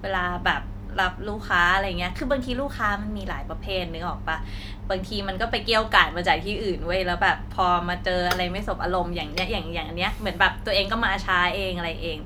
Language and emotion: Thai, frustrated